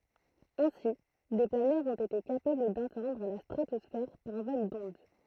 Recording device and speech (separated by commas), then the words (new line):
throat microphone, read sentence
Ainsi, des planeurs ont été capables d'atteindre la stratosphère par vol d'onde.